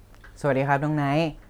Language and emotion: Thai, neutral